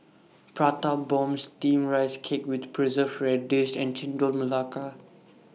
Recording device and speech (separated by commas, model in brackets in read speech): mobile phone (iPhone 6), read sentence